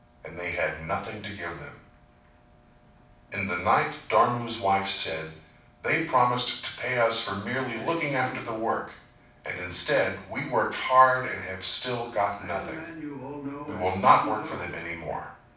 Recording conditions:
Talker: one person; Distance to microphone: 5.8 m; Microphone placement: far; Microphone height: 1.8 m; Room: medium-sized (5.7 m by 4.0 m); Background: television

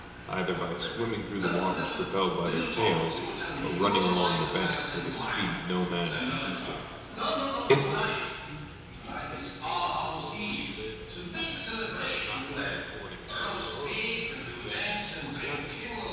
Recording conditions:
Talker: one person; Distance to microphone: 1.7 m; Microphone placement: close; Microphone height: 1.0 m; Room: very reverberant, large; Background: television

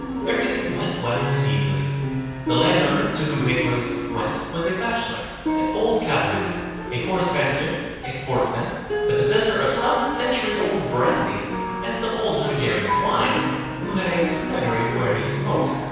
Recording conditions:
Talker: one person; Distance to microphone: 7.1 m; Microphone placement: far; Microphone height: 1.7 m; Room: very reverberant, large; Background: music

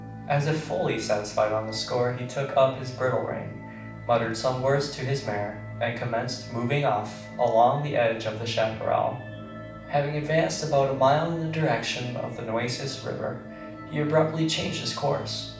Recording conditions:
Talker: one person; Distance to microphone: 5.8 m; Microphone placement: far; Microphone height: 1.8 m; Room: medium-sized (5.7 m by 4.0 m); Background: music

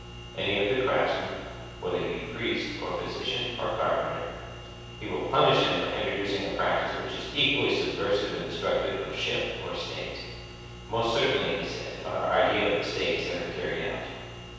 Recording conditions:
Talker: one person; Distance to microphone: 7.1 m; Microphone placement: far; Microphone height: 1.7 m; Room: very reverberant, large; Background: none

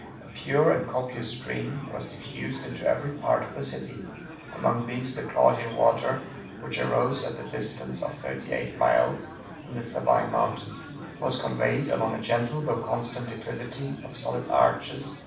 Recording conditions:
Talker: one person; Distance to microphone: 5.8 m; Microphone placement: far; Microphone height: 1.8 m; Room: medium-sized (5.7 m by 4.0 m); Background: babble

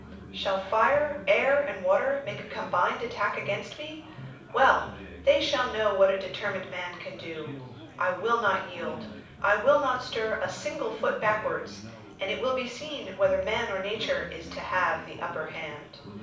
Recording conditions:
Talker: one person; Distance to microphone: 5.8 m; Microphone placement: far; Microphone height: 1.8 m; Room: medium-sized (5.7 m by 4.0 m); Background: babble

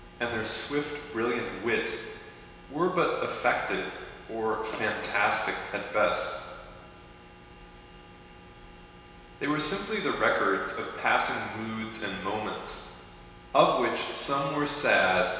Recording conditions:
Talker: one person; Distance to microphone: 1.7 m; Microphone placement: close; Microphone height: 1.0 m; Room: very reverberant, large; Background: none

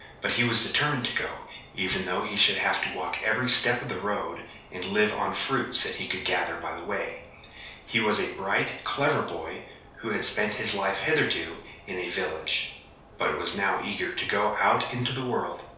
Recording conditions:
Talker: one person; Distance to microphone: 3.0 m; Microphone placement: far; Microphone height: 1.8 m; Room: small (3.7 m by 2.7 m); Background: none

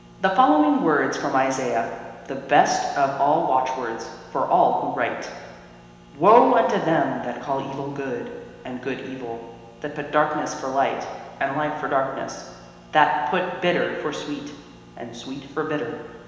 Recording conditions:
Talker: one person; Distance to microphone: 1.7 m; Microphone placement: close; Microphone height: 1.0 m; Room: very reverberant, large; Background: none

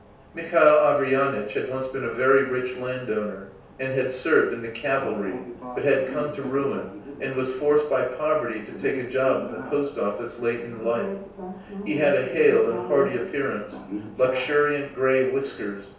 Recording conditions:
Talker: one person; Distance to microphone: 3.0 m; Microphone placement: far; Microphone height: 1.8 m; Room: small (3.7 m by 2.7 m); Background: television

